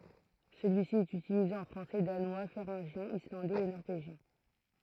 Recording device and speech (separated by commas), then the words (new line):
throat microphone, read sentence
Celui-ci est utilisé en français, danois, féringien, islandais et norvégien.